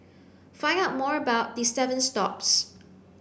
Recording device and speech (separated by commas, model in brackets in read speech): boundary microphone (BM630), read sentence